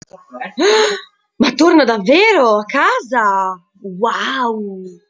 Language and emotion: Italian, surprised